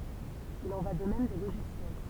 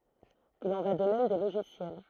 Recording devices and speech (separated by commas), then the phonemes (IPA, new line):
temple vibration pickup, throat microphone, read sentence
il ɑ̃ va də mɛm de loʒisjɛl